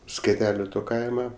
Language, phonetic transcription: Lithuanian, skeˈteliu ˈto ˈkaima

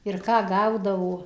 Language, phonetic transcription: Lithuanian, ir ˈką ˈgaudavo

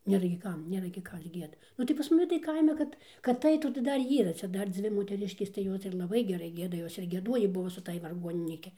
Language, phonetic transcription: Lithuanian, ˈnėra gi ˈkam ˈnėra gi ˈkas ˈgieda ˈnu tai pas maˈni tai ˈkaime ˈkad kad ˈaitų tai ˈdar ˈyra ˈcia ˈdar ˈdzvi moteˈriškės tai ˈjos ir laˈbai geˈrai ˈgieda ˈjos ir gieˈduojį ˈbuvo su ˈtąj varˈguoninyki

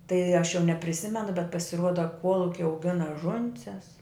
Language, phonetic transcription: Lithuanian, tai aš jau nepriˈsimenu bet pasiˈruoda ˈkuoluki auˈgina ˈžunses

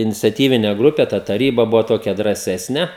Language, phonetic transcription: Lithuanian, iniciaˈtyvine ˈgrupe ˈta taˈryba ˈbuva ˈtokia drąˈsesne

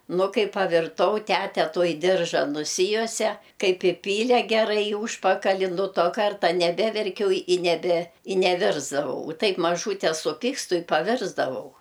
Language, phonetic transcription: Lithuanian, ˈnu ˈkai pavirˈtau ˈtæte ˈtuoj ˈdirža nuˈsijuose ˈkaip iˈpyle geˈrai i ˈūžpakali nu ˈto ˈkarta neˈbeverkiau i neˈbe i neˈvirsdavau u ˈtaip maˈžūte suˈpikstu i paˈvirsdavau

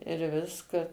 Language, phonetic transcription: Lithuanian, ir ˈviska

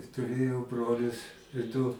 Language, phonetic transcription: Lithuanian, tuˈrėjau ˈbrolius du

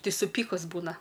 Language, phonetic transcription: Lithuanian, ˈtai suˈpykus ˈbūna

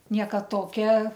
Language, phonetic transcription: Lithuanian, ˈnieka ˈtokia

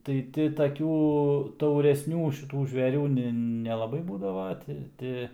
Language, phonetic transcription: Lithuanian, tai ˈti taˈkių tauresˈnių šiˈtų žveˈrių ni nelaˈbai ˈbūdava ˈti ˈti

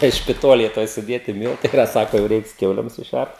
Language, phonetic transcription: Lithuanian, tai špiˈtolėj ˈtoj suˈdėti ˈmyltai iˈra ˈsako jau ˈreiks ˈkiaulėm suˈšært

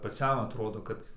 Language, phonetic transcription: Lithuanian, paˈciam atˈrodo ˈkad

